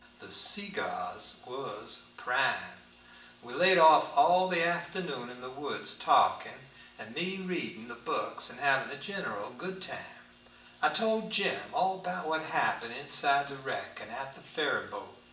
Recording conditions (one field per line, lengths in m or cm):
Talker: one person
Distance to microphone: 1.8 m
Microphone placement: close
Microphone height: 1.0 m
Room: large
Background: none